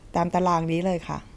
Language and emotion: Thai, neutral